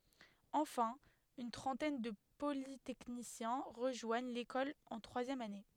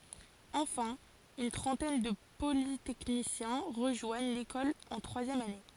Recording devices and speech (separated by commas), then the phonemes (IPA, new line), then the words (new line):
headset microphone, forehead accelerometer, read sentence
ɑ̃fɛ̃ yn tʁɑ̃tɛn də politɛknisjɛ̃ ʁəʒwaɲ lekɔl ɑ̃ tʁwazjɛm ane
Enfin, une trentaine de polytechniciens rejoignent l'école en troisième année.